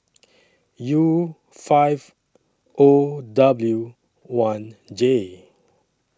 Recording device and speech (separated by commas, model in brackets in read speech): standing microphone (AKG C214), read sentence